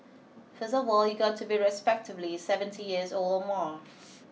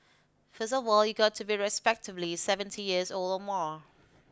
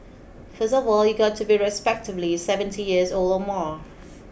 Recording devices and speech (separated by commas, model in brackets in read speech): mobile phone (iPhone 6), close-talking microphone (WH20), boundary microphone (BM630), read sentence